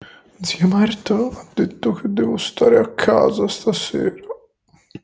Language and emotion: Italian, fearful